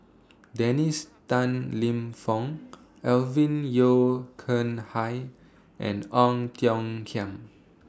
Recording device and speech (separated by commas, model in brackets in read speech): standing microphone (AKG C214), read sentence